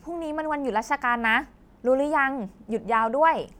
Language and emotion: Thai, happy